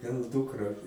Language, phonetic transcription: Lithuanian, gal ˈdukra

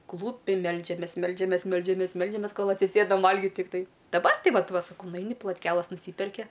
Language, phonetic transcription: Lithuanian, ˈklūpi ˈmeldžiamės ˈmeldžiamės ˈmeldžiamės ˈmeldžiamės ˈkol atsiˈsėdam ˈvalgit tikˈtai daˈbar ˈti ˈvat ˈva saˈkau nuˈaini plotˈkelas nuˈsyperki

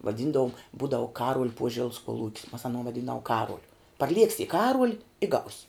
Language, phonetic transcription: Lithuanian, vaˈdyndavom ˈbūdavu ˈkaruol' ˈpuožels kuoˈlūk's mas aˈnuo vaˈdyndavuo ˈkaruoliu parˈlieksi i ˈkaruol' i gaus'

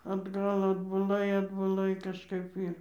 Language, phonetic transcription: Lithuanian, atˈgal atbuˈlai atbuˈlai kažˈkaip ˈyr

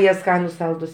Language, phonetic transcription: Lithuanian, ˈjie ˈskanus ˈsaldus

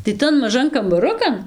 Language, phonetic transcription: Lithuanian, tai ˈtan maˈžan kambaˈrukan

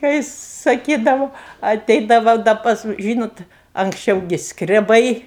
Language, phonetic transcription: Lithuanian, kai saˈkydavu aˈteidava da ˈpas ˈžynot anksˈčiau gi skreˈbai

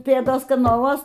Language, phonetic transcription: Lithuanian, ˈpėdos kanaˈluos

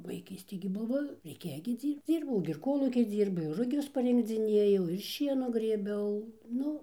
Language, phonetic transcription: Lithuanian, vaiˈkystė gi ˈbuvo reiˈkėjo gi ˈdzyrbc ˈdzyrbau gi ir ˈkolūky ˈdzyrbu ir ruˈgius parinkdziˈnėjau ir ˈšienų grėˈbiau ˈnu

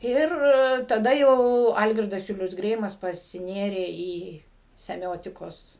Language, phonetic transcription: Lithuanian, ˈir taˈda jau ˈalgirdas ˈjulius ˈgreimas pasiˈnėrė į seˈmiotikos

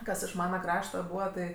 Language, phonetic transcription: Lithuanian, ˈkas iš ˈmana ˈkrašta ˈbūva tai

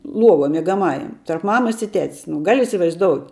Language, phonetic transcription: Lithuanian, ˈluovuo miegaˈmajam tarp ˈmamas i ˈtet's nu ˈgal' isivaizˈdout'

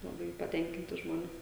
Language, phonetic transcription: Lithuanian, laˈbai paˈtenkinti ˈžmonė

